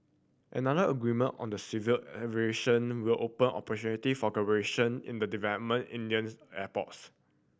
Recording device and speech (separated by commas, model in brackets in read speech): boundary microphone (BM630), read sentence